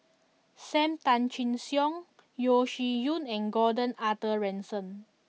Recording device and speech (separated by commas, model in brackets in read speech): mobile phone (iPhone 6), read sentence